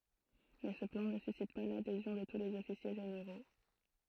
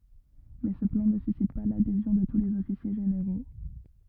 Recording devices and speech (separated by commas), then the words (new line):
throat microphone, rigid in-ear microphone, read sentence
Mais ce plan ne suscite pas l'adhésion de tous les officiers généraux.